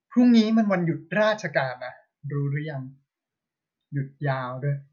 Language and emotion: Thai, frustrated